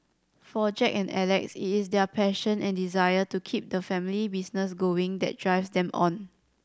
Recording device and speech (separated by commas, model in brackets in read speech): standing microphone (AKG C214), read sentence